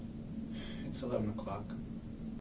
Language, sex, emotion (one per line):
English
male
neutral